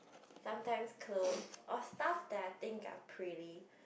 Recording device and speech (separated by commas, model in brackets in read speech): boundary microphone, conversation in the same room